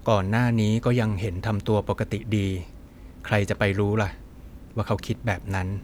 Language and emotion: Thai, neutral